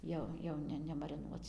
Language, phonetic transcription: Lithuanian, ˈjau ˈjau ne nemariˈnuoc

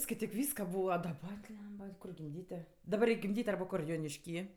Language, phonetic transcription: Lithuanian, skaiˈtyk ˈvyska ˈbūva daˈba ˈblemba ˈkur gimˈdyti daˈbar reik' gimˈdyt' ˈarba ˈkur jonišˈky

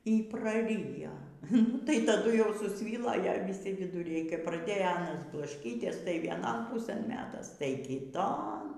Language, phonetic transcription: Lithuanian, y praˈrijo nu tai taˈdu jau susˈvylo ˈja viˈsi viduˈriai kap praˈdėjo ˈanas blašˈkyties tai vieˈnon ˈpusɘn ˈmetas tai kiˈton

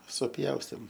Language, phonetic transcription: Lithuanian, suˈpjaustėm

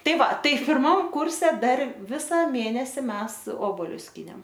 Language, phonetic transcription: Lithuanian, ˈtai ˈva ˈtai pirˈmam ˈkurse ˈdar ˈvisa ˈmėnesi ˈmes ˈobolius ˈskynėm

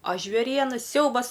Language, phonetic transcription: Lithuanian, a žvėˈriena ˈsiaubas

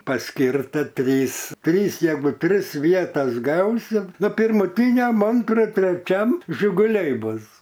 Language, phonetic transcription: Lithuanian, paˈskirta ˈtrys ˈtrys ˈjeigu ˈtris ˈvietas ˈgausi ˈnu pirmuˈtyniam ˈantru treˈčiam žiguˈliai ˈbus

